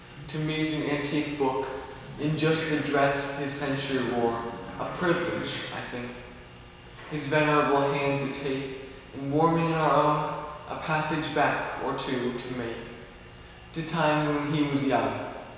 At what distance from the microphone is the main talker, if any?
1.7 m.